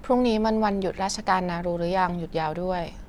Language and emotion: Thai, neutral